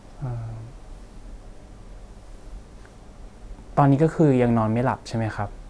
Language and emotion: Thai, neutral